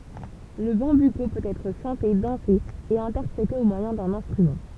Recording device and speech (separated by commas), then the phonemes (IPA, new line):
temple vibration pickup, read sentence
lə bɑ̃byko pøt ɛtʁ ʃɑ̃te dɑ̃se e ɛ̃tɛʁpʁete o mwajɛ̃ dœ̃n ɛ̃stʁymɑ̃